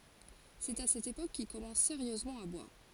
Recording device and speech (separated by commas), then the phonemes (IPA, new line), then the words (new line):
forehead accelerometer, read sentence
sɛt a sɛt epok kil kɔmɑ̃s seʁjøzmɑ̃ a bwaʁ
C’est à cette époque qu’il commence sérieusement à boire.